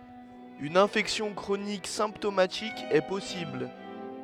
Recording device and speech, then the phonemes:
headset microphone, read sentence
yn ɛ̃fɛksjɔ̃ kʁonik sɛ̃ptomatik ɛ pɔsibl

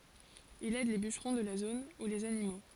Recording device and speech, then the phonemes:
forehead accelerometer, read sentence
il ɛd le byʃʁɔ̃ də la zon u lez animo

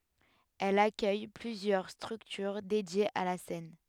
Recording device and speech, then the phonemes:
headset microphone, read sentence
ɛl akœj plyzjœʁ stʁyktyʁ dedjez a la sɛn

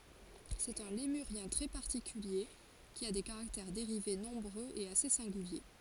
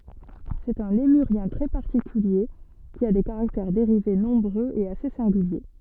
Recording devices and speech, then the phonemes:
forehead accelerometer, soft in-ear microphone, read sentence
sɛt œ̃ lemyʁjɛ̃ tʁɛ paʁtikylje ki a de kaʁaktɛʁ deʁive nɔ̃bʁøz e ase sɛ̃ɡylje

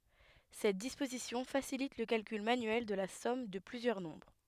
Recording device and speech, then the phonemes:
headset microphone, read sentence
sɛt dispozisjɔ̃ fasilit lə kalkyl manyɛl də la sɔm də plyzjœʁ nɔ̃bʁ

